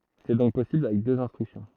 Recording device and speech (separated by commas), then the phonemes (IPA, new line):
throat microphone, read sentence
sɛ dɔ̃k pɔsibl avɛk døz ɛ̃stʁyksjɔ̃